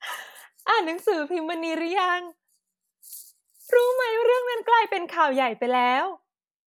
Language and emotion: Thai, happy